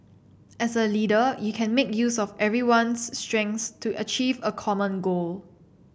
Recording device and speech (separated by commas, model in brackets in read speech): boundary microphone (BM630), read sentence